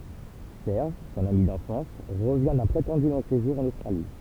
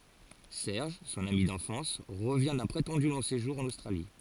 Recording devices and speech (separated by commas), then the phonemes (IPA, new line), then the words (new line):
temple vibration pickup, forehead accelerometer, read sentence
sɛʁʒ sɔ̃n ami dɑ̃fɑ̃s ʁəvjɛ̃ dœ̃ pʁetɑ̃dy lɔ̃ seʒuʁ ɑ̃n ostʁali
Serge, son ami d'enfance, revient d'un prétendu long séjour en Australie.